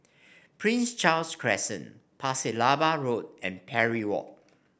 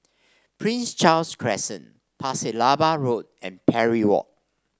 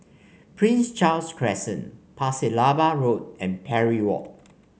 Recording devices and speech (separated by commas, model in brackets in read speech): boundary microphone (BM630), standing microphone (AKG C214), mobile phone (Samsung C5), read sentence